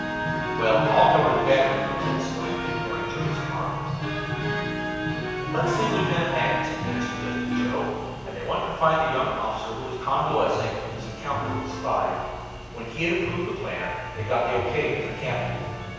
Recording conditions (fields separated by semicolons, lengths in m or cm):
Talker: one person; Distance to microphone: 7.1 m; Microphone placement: far; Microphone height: 1.7 m; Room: very reverberant, large; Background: music